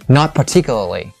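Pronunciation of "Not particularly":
In 'Not particularly', the word 'not' is stressed.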